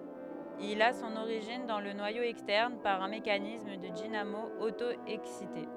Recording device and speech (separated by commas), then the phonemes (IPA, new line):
headset microphone, read sentence
il a sɔ̃n oʁiʒin dɑ̃ lə nwajo ɛkstɛʁn paʁ œ̃ mekanism də dinamo oto ɛksite